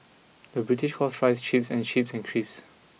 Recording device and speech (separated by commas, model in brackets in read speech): mobile phone (iPhone 6), read sentence